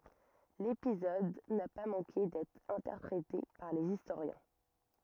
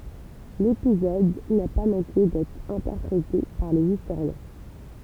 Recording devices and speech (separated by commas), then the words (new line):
rigid in-ear microphone, temple vibration pickup, read sentence
L'épisode n'a pas manqué d'être interprété par les historiens.